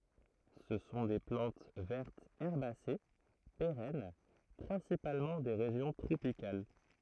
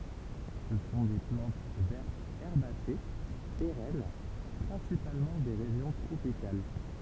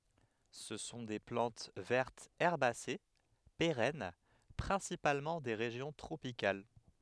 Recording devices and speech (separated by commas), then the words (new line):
throat microphone, temple vibration pickup, headset microphone, read sentence
Ce sont des plantes vertes herbacées, pérennes, principalement des régions tropicales.